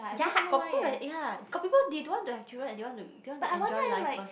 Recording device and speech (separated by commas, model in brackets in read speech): boundary microphone, conversation in the same room